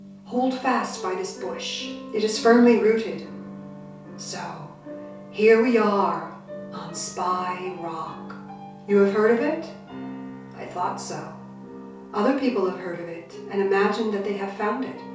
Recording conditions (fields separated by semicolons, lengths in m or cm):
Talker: one person; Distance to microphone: 3.0 m; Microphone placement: far; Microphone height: 1.8 m; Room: small (3.7 m by 2.7 m); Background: music